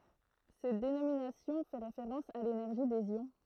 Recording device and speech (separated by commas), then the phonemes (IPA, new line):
throat microphone, read sentence
sɛt denominasjɔ̃ fɛ ʁefeʁɑ̃s a lenɛʁʒi dez jɔ̃